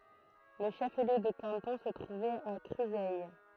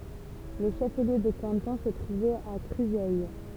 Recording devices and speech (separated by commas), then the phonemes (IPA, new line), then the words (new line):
throat microphone, temple vibration pickup, read sentence
lə ʃəfliø də kɑ̃tɔ̃ sə tʁuvɛt a kʁyzɛj
Le chef-lieu de canton se trouvait à Cruseilles.